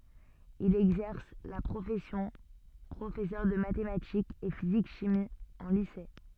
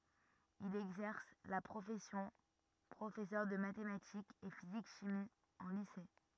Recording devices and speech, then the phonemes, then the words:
soft in-ear microphone, rigid in-ear microphone, read sentence
il ɛɡzɛʁs la pʁofɛsjɔ̃ pʁofɛsœʁ də matematikz e fizik ʃimi ɑ̃ lise
Il exerce la profession professeur de mathématiques et physique-chimie en lycée.

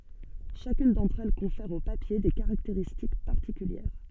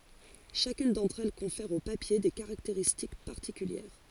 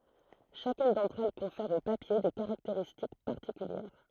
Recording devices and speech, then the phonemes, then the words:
soft in-ear microphone, forehead accelerometer, throat microphone, read sentence
ʃakyn dɑ̃tʁ ɛl kɔ̃fɛʁ o papje de kaʁakteʁistik paʁtikyljɛʁ
Chacune d'entre elles confère au papier des caractéristiques particulières.

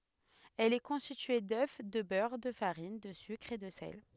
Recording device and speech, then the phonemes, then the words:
headset microphone, read sentence
ɛl ɛ kɔ̃stitye dø də bœʁ də faʁin də sykʁ e də sɛl
Elle est constituée d'œufs, de beurre, de farine, de sucre et de sel.

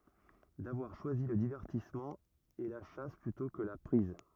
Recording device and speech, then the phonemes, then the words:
rigid in-ear microphone, read sentence
davwaʁ ʃwazi lə divɛʁtismɑ̃ e la ʃas plytɔ̃ kə la pʁiz
D’avoir choisi le divertissement, et la chasse plutôt que la prise.

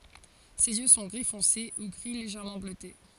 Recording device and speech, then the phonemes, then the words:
forehead accelerometer, read sentence
sez jø sɔ̃ ɡʁi fɔ̃se u ɡʁi leʒɛʁmɑ̃ bløte
Ses yeux sont gris foncé ou gris légèrement bleuté.

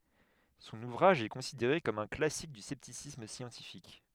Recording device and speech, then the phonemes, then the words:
headset microphone, read sentence
sɔ̃n uvʁaʒ ɛ kɔ̃sideʁe kɔm œ̃ klasik dy sɛptisism sjɑ̃tifik
Son ouvrage est considéré comme un classique du scepticisme scientifique.

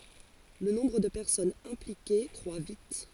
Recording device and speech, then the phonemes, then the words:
forehead accelerometer, read sentence
lə nɔ̃bʁ də pɛʁsɔnz ɛ̃plike kʁwa vit
Le nombre de personnes impliquées croît vite.

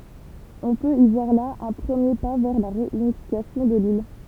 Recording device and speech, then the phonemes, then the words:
temple vibration pickup, read sentence
ɔ̃ pøt i vwaʁ la œ̃ pʁəmje pa vɛʁ la ʁeynifikasjɔ̃ də lil
On peut y voir là un premier pas vers la réunification de l'île.

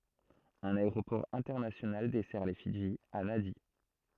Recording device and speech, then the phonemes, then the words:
throat microphone, read sentence
œ̃n aeʁopɔʁ ɛ̃tɛʁnasjonal dɛsɛʁ le fidʒi a nadi
Un aéroport international dessert les Fidji, à Nadi.

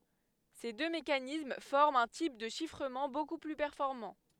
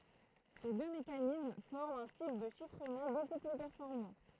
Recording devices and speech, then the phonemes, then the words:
headset microphone, throat microphone, read sentence
se dø mekanism fɔʁmt œ̃ tip də ʃifʁəmɑ̃ boku ply pɛʁfɔʁmɑ̃
Ces deux mécanismes forment un type de chiffrement beaucoup plus performant.

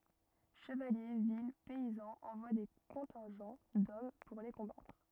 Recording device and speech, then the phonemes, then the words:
rigid in-ear microphone, read sentence
ʃəvalje vil pɛizɑ̃z ɑ̃vwa de kɔ̃tɛ̃ʒɑ̃ dɔm puʁ le kɔ̃batʁ
Chevaliers, villes, paysans envoient des contingents d'hommes pour les combattre.

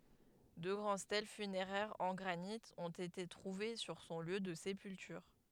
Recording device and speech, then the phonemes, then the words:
headset microphone, read sentence
dø ɡʁɑ̃d stɛl fyneʁɛʁz ɑ̃ ɡʁanit ɔ̃t ete tʁuve syʁ sɔ̃ ljø də sepyltyʁ
Deux grandes stèles funéraires en granit ont été trouvées sur son lieu de sépulture.

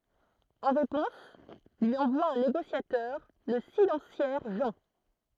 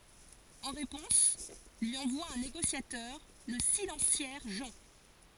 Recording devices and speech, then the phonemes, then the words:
throat microphone, forehead accelerometer, read sentence
ɑ̃ ʁepɔ̃s lyi ɑ̃vwa œ̃ neɡosjatœʁ lə silɑ̃sjɛʁ ʒɑ̃
En réponse, lui envoie un négociateur, le silentiaire Jean.

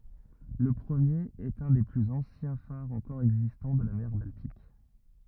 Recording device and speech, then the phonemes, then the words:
rigid in-ear microphone, read sentence
lə pʁəmjeʁ ɛt œ̃ de plyz ɑ̃sjɛ̃ faʁz ɑ̃kɔʁ ɛɡzistɑ̃ də la mɛʁ baltik
Le premier est un des plus anciens phares encore existants de la mer Baltique.

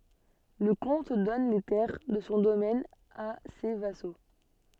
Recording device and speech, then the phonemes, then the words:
soft in-ear microphone, read sentence
lə kɔ̃t dɔn le tɛʁ də sɔ̃ domɛn a se vaso
Le comte donne les terres de son domaine à ses vassaux.

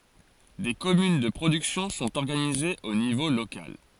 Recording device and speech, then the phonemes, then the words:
forehead accelerometer, read sentence
de kɔmyn də pʁodyksjɔ̃ sɔ̃t ɔʁɡanizez o nivo lokal
Des communes de production sont organisées au niveau local.

